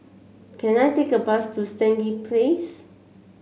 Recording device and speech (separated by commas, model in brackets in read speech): mobile phone (Samsung C7), read sentence